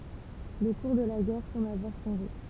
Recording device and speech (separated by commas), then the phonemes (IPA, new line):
temple vibration pickup, read sentence
lə kuʁ də la ɡɛʁ sɑ̃bl avwaʁ ʃɑ̃ʒe